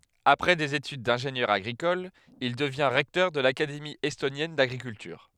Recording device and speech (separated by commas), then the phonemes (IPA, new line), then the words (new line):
headset microphone, read sentence
apʁɛ dez etyd dɛ̃ʒenjœʁ aɡʁikɔl il dəvjɛ̃ ʁɛktœʁ də lakademi ɛstonjɛn daɡʁikyltyʁ
Après des études d'ingénieur agricole, il devient recteur de l'Académie estonienne d'agriculture.